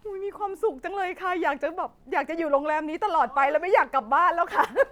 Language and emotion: Thai, happy